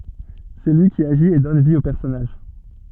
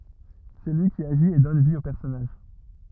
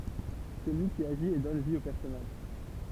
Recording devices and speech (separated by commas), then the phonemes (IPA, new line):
soft in-ear microphone, rigid in-ear microphone, temple vibration pickup, read sentence
sɛ lyi ki aʒit e dɔn vi o pɛʁsɔnaʒ